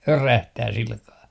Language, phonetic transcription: Finnish, "örähtää 'silkaa .
- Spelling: örähtää sillä kalella

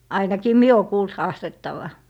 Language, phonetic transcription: Finnish, 'ainakii "mie o kuult 'haastettava .
- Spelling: ainakin minä olen kuullut haastettavan

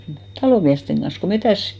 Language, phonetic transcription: Finnish, "talò miästeŋ ɢan̬s ko 'metä̀s ,.
- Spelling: talon miesten kanssa kun metsässä

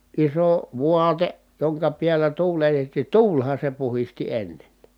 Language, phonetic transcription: Finnish, iso , vuate , joŋka piällä tuuletettì tuulha se puhisti ennen .
- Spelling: iso vaate jonka päällä tuuletettiin tuulihan se puhdisti ennen

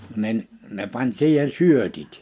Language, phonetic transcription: Finnish, 'nin , 'ne pań 'siihe(n) "syötit .
- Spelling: niin ne pani siihen syötit

